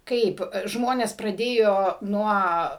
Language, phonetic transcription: Lithuanian, ˈkaip ˈžmones praˈdėjo ˈnuo

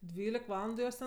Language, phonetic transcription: Lithuanian, ˈdvylik ˈvalandu ˈjos ten

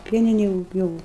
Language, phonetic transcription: Lithuanian, ˈpieninėj jug ˈjūu

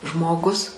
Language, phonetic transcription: Lithuanian, ˈžmoˌgus

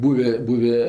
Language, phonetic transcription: Lithuanian, ˈbūvė ˈbūvė

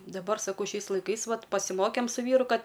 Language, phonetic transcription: Lithuanian, daˈbar saˈkau ˈšiais laiˈkais ˈvat pasiˈmokėm su ˈvyru ˈkad

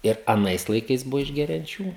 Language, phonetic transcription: Lithuanian, ir aˈnais laiˈkais ˈbuvo išgerianˈčių

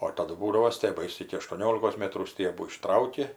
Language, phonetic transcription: Lithuanian, o ir taˈdu ˈbūdavo stieˈbais iki aštuoˈniolikos ˈmėtrų ˈstiebų iˈštrauki

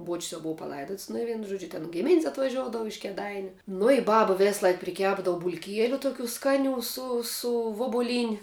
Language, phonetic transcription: Lithuanian, buoč's' jau ˈbova paˈlaidots nu i ˈvienu ˈžuodžiu tin ˈgimin's' atvaˈžioudavu iš kėˈdainiu nu i ˈbaba ˈvėsˌlaik priˈkepdavu bulˈkieliu toˈkių ˈskaˌnių ˈsu ˈsu vubuˈlyni

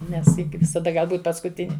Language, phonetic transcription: Lithuanian, ˈnes ˈji gi visaˈda ˈgal ˈbūt paskuˈtini

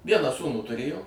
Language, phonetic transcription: Lithuanian, ˈvieną ˈsūnų tuˈrėjo

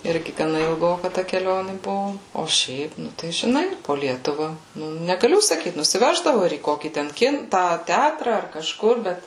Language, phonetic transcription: Lithuanian, ˈirgi gaˈna ilˈgoka ta keˈlioni ˈbuvu o ˈšiaip ˈnu tai žiˈnai po ˈlietuva negaˈliu saˈkyt nusiˈveždavu ir į ˈkokį ˈten ˈkin ˈtą ˈtætra ar kaˈžkur ˈbet

